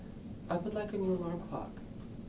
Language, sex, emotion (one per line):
English
male
neutral